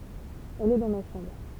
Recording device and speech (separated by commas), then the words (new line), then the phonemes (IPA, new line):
temple vibration pickup, read sentence
Elle est dans ma chambre.
ɛl ɛ dɑ̃ ma ʃɑ̃bʁ